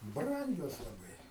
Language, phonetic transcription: Lithuanian, ˈbrangios laˈbai

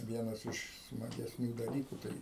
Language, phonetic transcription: Lithuanian, ˈvienas iš smagesˈnių daˈlykų ˈtai

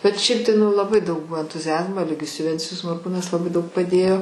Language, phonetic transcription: Lithuanian, bet ˈšiaip tai ˈnu laˈbai daug ˈbuo entuziˈazmo eˈligijus juˈvencijus morˈkūnas laˈbai ˈdaug paˈdėjo

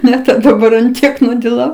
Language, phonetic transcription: Lithuanian, ˈne daˈbar an ˈtiek nudiˈlau

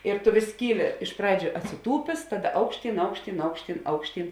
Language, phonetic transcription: Lithuanian, ir tu vis ˈkyˌli iš ˈpradžiu atsiˈtūpės ˈtaˌda ˈaukšˌtyn ˈaukšˌtyn ˈaukšˌtyn ˈaukšˌtyn

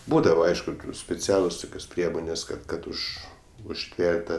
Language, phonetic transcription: Lithuanian, ˈbūdava ˈaišku speˈcialus ˈtukios ˈpriemonės kad ˈkad ˈuž užˈtver't' ˈtą

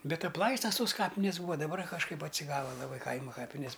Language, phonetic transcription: Lithuanian, ˈbet apˈlaistas tos ˈkapinės ˈbūva daˈbar kažˈkaip atsiˈgava laˈbai ˈkaima ˈkapinės

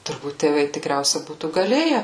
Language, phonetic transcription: Lithuanian, turˈbūt tėˈvai tikˈriausia ˈbūtų gaˈlėje

